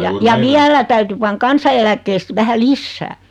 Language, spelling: Finnish, ja ja vielä täytyi panna kansaneläkkeestä vähän lisää
- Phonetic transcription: 'ja , 'ja "viälä täyty 'paŋ "kansa₍eläkkeest 'vähä "lissää .

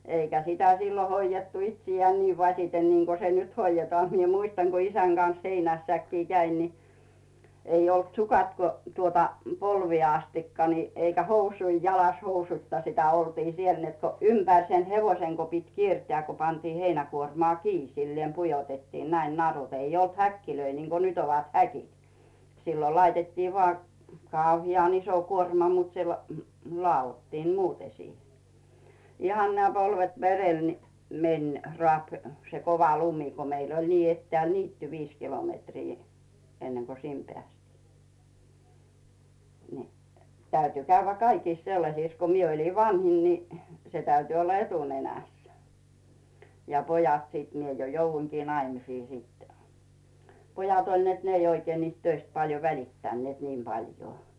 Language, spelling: Finnish, eikä sitä silloin hoidettu itseään niin vasiten niin kuin se nyt hoidetaan minä muistan kun isän kanssa heinässäkin kävin niin ei ollut sukat kuin tuota polviin asti niin eikä housuja jalassa housuitta sitä oltiin siellä että kun ympäri sen hevosen kun piti kiertää kun pantiin heinäkuormaa kiinni sillä lailla pujotettiin näin narut ei ollut häkkejä niin kuin nyt ovat häkit silloin laitettiin vain kauhean iso kuorma mutta se - ladottiin muuten siihen ihan nämä polvet verellä niin meni raapi se kova lumi kun meillä oli niin etäällä niitty viisi kilometriä ennen kuin sinne päästiin niin täytyi käydä kaikissa sellaisissa kun minä olin vanhin niin se täytyi olla etunenässä ja pojat sitten minä jo jouduinkin naimisiin sitten pojat oli että ne ei oikein niistä töistä paljon välittäneet niin paljon
- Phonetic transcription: 'eikä sitä sillo hoijettu 'itsijeään 'nii vaśiten niŋko se "nyt 'hoijetᵒà mie 'muistaŋ ko 'isäŋ Gan̬s "heinässäkkii käin ni , 'ei olt "sukat ko , tuota , 'polviè astikka ni , eikä "housui 'jalas 'housuⁱtta sitä oltii "siel net ko , 'ympä̀r sen "hevoiseŋ ko pit 'kierteä̀ ko 'pantii "heinäkuormᵒà 'kii sillièm 'pujotettiin näin 'narut , 'ei olt "häkkilöi niŋko "nyt ‿ovat 'häkit , 'sillo laitettii vŏà , 'kàuhi₍an ‿iso 'kuorma mut se , hmy- , 'lᵒà₍ottiim "muute siihe , 'ihan nää 'polvet "verel ni , me̳n , 'rᵒàp , se "kova 'lumɪ , ko 'meil ‿oĺ nii 'ettᵉä̀l "niitty "viis 'kilomètrii , 'enneŋko "sim 'pᵉä̀stii , ni , täyty 'käyvvä "kaikìs 'sellasìs ko 'mie oĺin "vanhin ni , se 'täyty olla "etunenä̀s , ja 'pojat sìt mie jo 'jouvvuiŋkii 'naimisii sittɛ , 'pojat oĺ net ne ei oikee niist "töist paljo 'välittännⁱèt niim Baljoo .

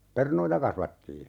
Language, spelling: Finnish, perunoita kasvatettiin
- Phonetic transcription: "pernoita 'kasvattii .

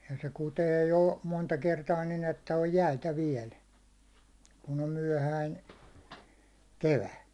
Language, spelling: Finnish, ja se kutee jo monta kertaa niin että on jäitä vielä kun on myöhäinen kevät
- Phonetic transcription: ja se 'kutee jo , monta kertaa nin ‿että oj "jäitä 'viɛl , kun om 'myäₒhäin̬ , "kevä .

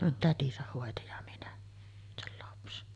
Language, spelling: Finnish, no tätinsä hoiti ja minä sen lapsen
- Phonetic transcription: no "tätisäh 'hòeti ja 'minä , sel lapsen .

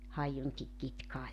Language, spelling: Finnish, haiunkin kitkaa ja
- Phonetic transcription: 'haijuŋki 'kitkaa ja ,.

